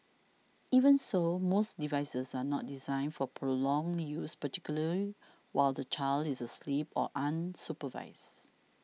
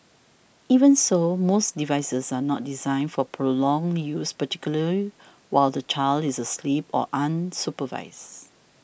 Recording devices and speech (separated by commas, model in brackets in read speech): mobile phone (iPhone 6), boundary microphone (BM630), read sentence